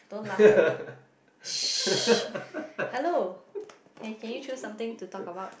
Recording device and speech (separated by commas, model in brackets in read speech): boundary microphone, conversation in the same room